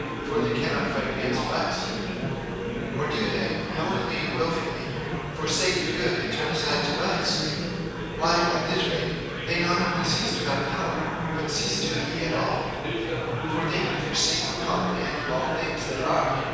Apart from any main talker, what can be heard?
Crowd babble.